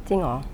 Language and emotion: Thai, neutral